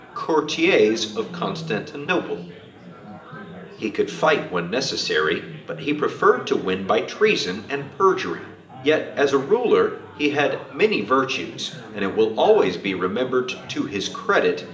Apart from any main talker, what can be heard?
Crowd babble.